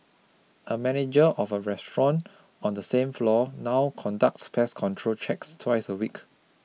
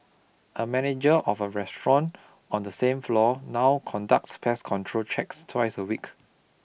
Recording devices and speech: mobile phone (iPhone 6), boundary microphone (BM630), read sentence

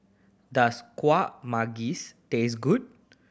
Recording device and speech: boundary microphone (BM630), read sentence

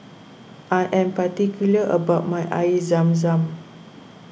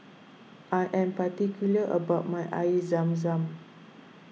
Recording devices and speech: boundary microphone (BM630), mobile phone (iPhone 6), read sentence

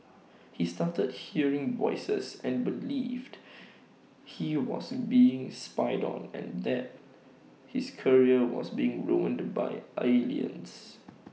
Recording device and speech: mobile phone (iPhone 6), read sentence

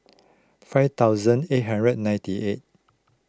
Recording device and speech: close-talking microphone (WH20), read sentence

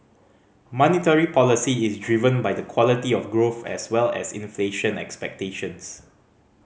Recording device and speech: mobile phone (Samsung C5010), read sentence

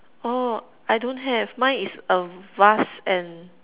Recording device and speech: telephone, conversation in separate rooms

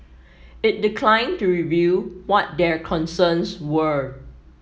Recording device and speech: mobile phone (iPhone 7), read sentence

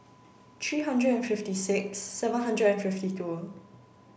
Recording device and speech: boundary microphone (BM630), read sentence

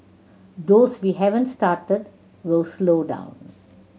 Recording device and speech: mobile phone (Samsung C7100), read sentence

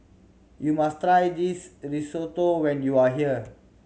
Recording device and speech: mobile phone (Samsung C7100), read sentence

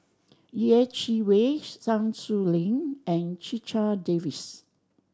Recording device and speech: standing microphone (AKG C214), read sentence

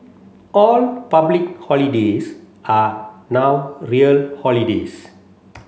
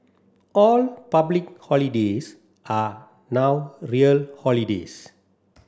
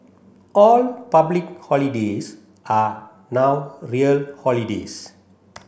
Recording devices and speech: mobile phone (Samsung C7), standing microphone (AKG C214), boundary microphone (BM630), read sentence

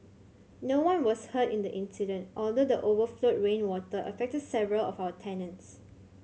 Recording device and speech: mobile phone (Samsung C7100), read sentence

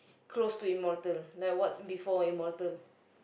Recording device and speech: boundary microphone, conversation in the same room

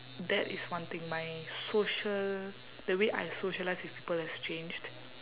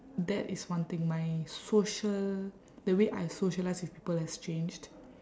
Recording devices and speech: telephone, standing microphone, conversation in separate rooms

